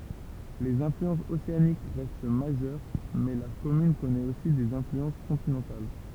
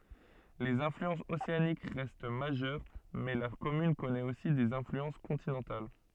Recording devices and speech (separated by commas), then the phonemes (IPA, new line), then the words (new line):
temple vibration pickup, soft in-ear microphone, read sentence
lez ɛ̃flyɑ̃sz oseanik ʁɛst maʒœʁ mɛ la kɔmyn kɔnɛt osi dez ɛ̃flyɑ̃s kɔ̃tinɑ̃tal
Les influences océaniques restent majeures, mais la commune connaît aussi des influences continentales.